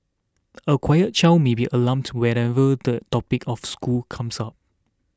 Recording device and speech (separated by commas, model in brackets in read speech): standing microphone (AKG C214), read sentence